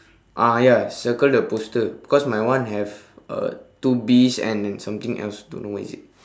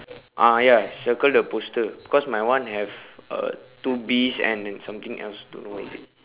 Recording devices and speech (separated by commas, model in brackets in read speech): standing microphone, telephone, conversation in separate rooms